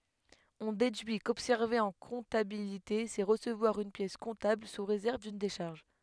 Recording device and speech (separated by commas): headset microphone, read sentence